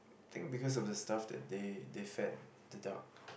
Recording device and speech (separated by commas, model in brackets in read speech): boundary microphone, conversation in the same room